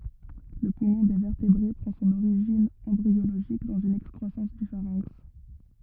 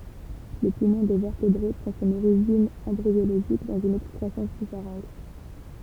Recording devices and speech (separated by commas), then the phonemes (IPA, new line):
rigid in-ear microphone, temple vibration pickup, read sentence
lə pumɔ̃ de vɛʁtebʁe pʁɑ̃ sɔ̃n oʁiʒin ɑ̃bʁioloʒik dɑ̃z yn ɛkskʁwasɑ̃s dy faʁɛ̃ks